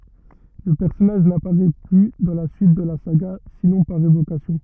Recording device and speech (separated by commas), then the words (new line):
rigid in-ear microphone, read sentence
Le personnage n'apparait plus dans la suite de la saga, sinon par évocations.